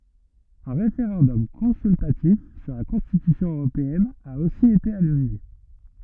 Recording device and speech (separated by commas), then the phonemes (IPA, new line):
rigid in-ear microphone, read sentence
œ̃ ʁefeʁɑ̃dɔm kɔ̃syltatif syʁ la kɔ̃stitysjɔ̃ øʁopeɛn a osi ete anyle